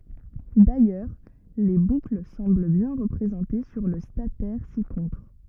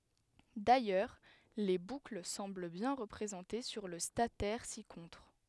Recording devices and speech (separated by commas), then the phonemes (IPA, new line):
rigid in-ear microphone, headset microphone, read sentence
dajœʁ le bukl sɑ̃bl bjɛ̃ ʁəpʁezɑ̃te syʁ lə statɛʁ sikɔ̃tʁ